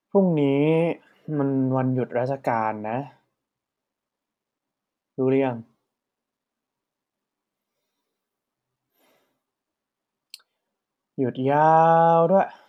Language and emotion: Thai, frustrated